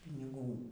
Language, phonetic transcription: Lithuanian, piniˈgų

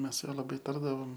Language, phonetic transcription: Lithuanian, ˈmes su ˈjuo laˈbai ˈtardavom

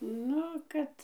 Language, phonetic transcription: Lithuanian, ˈnu ˈkad

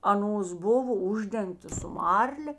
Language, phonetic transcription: Lithuanian, aˈnos ˈbovo ˈuždengtos su ˈmarlė

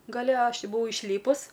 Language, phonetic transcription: Lithuanian, gaˈle ˈaš ˈti buˈvau išˈlypus

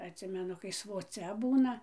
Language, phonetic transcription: Lithuanian, atˈsimenu kai svoˈcia ˈbūna

